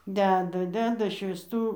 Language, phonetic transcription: Lithuanian, ˈdeda ˈdeda švįsˈtų

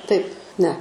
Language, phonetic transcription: Lithuanian, taip ne

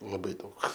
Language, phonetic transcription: Lithuanian, laˈbai ˈdaug

